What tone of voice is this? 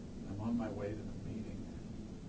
neutral